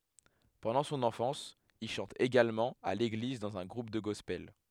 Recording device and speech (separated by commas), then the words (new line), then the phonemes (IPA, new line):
headset microphone, read sentence
Pendant son enfance, il chante également à l'église dans un groupe de gospel.
pɑ̃dɑ̃ sɔ̃n ɑ̃fɑ̃s il ʃɑ̃t eɡalmɑ̃ a leɡliz dɑ̃z œ̃ ɡʁup də ɡɔspɛl